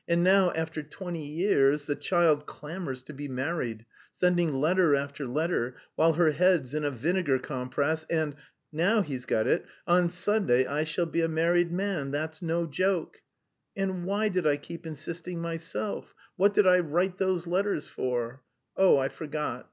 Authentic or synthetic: authentic